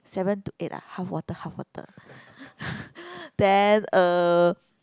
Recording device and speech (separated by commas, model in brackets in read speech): close-talking microphone, conversation in the same room